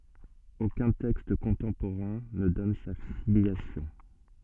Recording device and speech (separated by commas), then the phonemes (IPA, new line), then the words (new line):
soft in-ear microphone, read sentence
okœ̃ tɛkst kɔ̃tɑ̃poʁɛ̃ nə dɔn sa filjasjɔ̃
Aucun texte contemporain ne donne sa filiation.